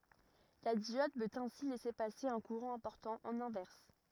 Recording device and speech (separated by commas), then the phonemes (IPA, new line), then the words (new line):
rigid in-ear microphone, read sentence
la djɔd pøt ɛ̃si lɛse pase œ̃ kuʁɑ̃ ɛ̃pɔʁtɑ̃ ɑ̃n ɛ̃vɛʁs
La diode peut ainsi laisser passer un courant important en inverse.